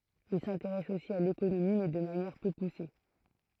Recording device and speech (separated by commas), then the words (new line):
throat microphone, read sentence
Il s'intéresse aussi à l'économie, mais de manière peu poussée.